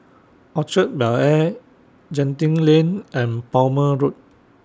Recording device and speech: standing microphone (AKG C214), read sentence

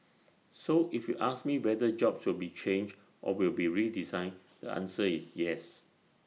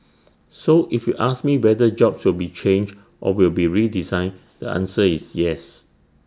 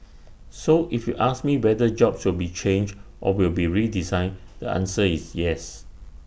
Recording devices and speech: mobile phone (iPhone 6), standing microphone (AKG C214), boundary microphone (BM630), read sentence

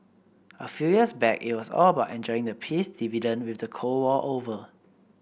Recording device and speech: boundary microphone (BM630), read sentence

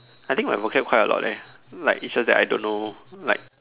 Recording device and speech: telephone, conversation in separate rooms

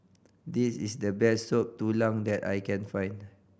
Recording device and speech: boundary microphone (BM630), read sentence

